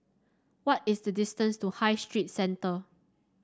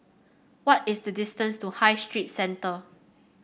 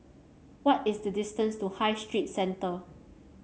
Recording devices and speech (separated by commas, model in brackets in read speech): standing microphone (AKG C214), boundary microphone (BM630), mobile phone (Samsung C7), read sentence